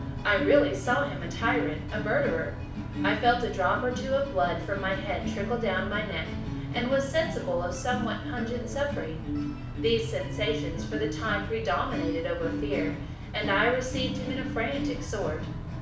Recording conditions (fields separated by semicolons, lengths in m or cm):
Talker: one person; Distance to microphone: 5.8 m; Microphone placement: far; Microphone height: 1.8 m; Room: medium-sized (5.7 m by 4.0 m); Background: music